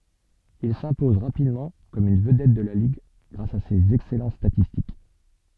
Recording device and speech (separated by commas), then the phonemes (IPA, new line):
soft in-ear microphone, read sentence
il sɛ̃pɔz ʁapidmɑ̃ kɔm yn vədɛt də la liɡ ɡʁas a sez ɛksɛlɑ̃t statistik